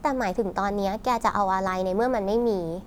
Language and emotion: Thai, frustrated